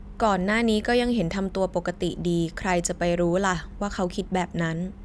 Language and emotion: Thai, neutral